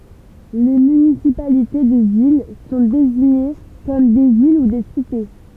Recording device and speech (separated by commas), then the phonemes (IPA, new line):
temple vibration pickup, read sentence
le mynisipalite də vil sɔ̃ deziɲe kɔm de vil u de site